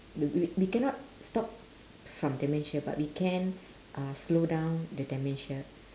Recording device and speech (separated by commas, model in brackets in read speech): standing microphone, conversation in separate rooms